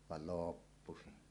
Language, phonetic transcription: Finnish, val "looppu 'se .
- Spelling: vaan loppu se

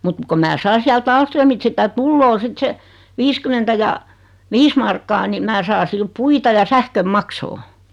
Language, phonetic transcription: Finnish, mut , ko mää 'sai siält 'Aalströmit sitä "tulloo 'sit se , 'viiskymentä ja , "viis markkaa ni 'mää saa 'sil "puita ja 'sähköm 'maksoo .
- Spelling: mutta kun minä sain sieltä Ahlströmiltä sitä tulee sitten se viisikymmentä ja viisi markkaa niin minä saan sillä puita ja sähkön maksaa

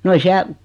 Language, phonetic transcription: Finnish, no ei 'siäl ,.
- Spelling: no ei siellä

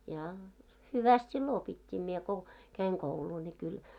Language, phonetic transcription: Finnish, ja , "hyväst sillo 'opit́t́ii mie ko , 'käiŋ "kouluu ńi kyl .
- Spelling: ja hyvästi silloin opittiin minä kun kävin koulua niin kyllä

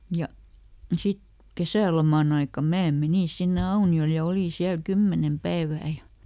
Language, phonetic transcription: Finnish, ˈja , ˈsit , ˈkesä̀lomaˈn ‿aikam ˈmää "menìn ˈsinne "Auni₍ol ja ˈolìn̬ ˈsiäl "kymmenem "päevää ja ,.
- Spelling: ja sitten kesäloman aikana minä menin sinne Auniolle ja olin siellä kymmenen päivää ja

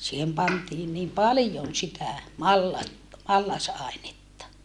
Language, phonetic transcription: Finnish, siihem pantiin niim palⁱjon sitä , mallat- , mallas₍àenetta .
- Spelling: siihen pantiin niin paljon sitä - mallasainetta

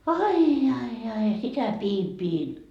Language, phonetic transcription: Finnish, "ai jai ai ja 'sitä 'piim 'piin ,.
- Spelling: ai ai ai ja sitä pidin pidin

